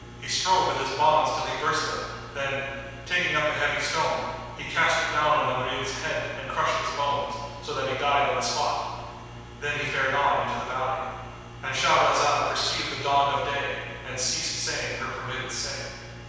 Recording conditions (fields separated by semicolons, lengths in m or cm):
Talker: one person; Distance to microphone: 7.1 m; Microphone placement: far; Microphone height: 1.7 m; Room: very reverberant, large; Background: none